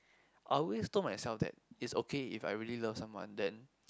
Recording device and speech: close-talking microphone, conversation in the same room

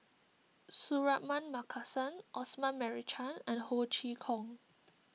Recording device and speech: mobile phone (iPhone 6), read sentence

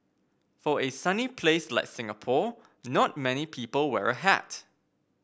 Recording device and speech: boundary microphone (BM630), read sentence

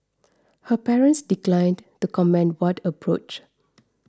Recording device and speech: standing microphone (AKG C214), read sentence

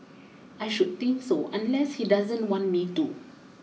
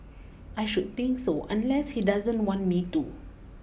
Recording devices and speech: mobile phone (iPhone 6), boundary microphone (BM630), read sentence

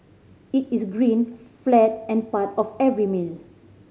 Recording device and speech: mobile phone (Samsung C5010), read sentence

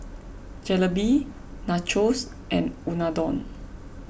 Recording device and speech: boundary microphone (BM630), read sentence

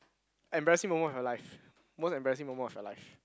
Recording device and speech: close-talking microphone, conversation in the same room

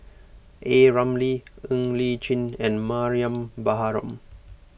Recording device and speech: boundary microphone (BM630), read sentence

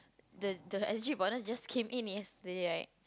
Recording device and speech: close-talking microphone, conversation in the same room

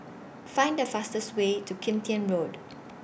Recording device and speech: boundary microphone (BM630), read sentence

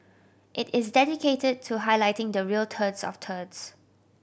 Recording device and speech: boundary microphone (BM630), read sentence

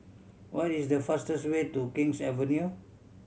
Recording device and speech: mobile phone (Samsung C7100), read sentence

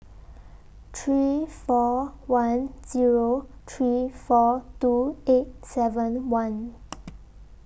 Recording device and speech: boundary microphone (BM630), read sentence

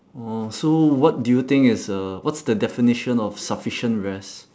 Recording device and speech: standing microphone, conversation in separate rooms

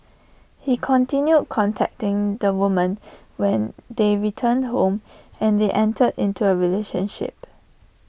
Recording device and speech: boundary microphone (BM630), read sentence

